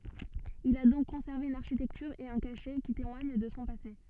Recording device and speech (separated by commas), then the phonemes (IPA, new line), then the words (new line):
soft in-ear microphone, read sentence
il a dɔ̃k kɔ̃sɛʁve yn aʁʃitɛktyʁ e œ̃ kaʃɛ ki temwaɲ də sɔ̃ pase
Il a donc conservé une architecture et un cachet qui témoigne de son passé.